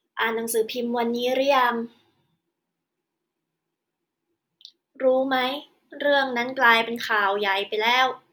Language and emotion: Thai, frustrated